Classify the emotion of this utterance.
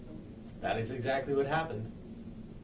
neutral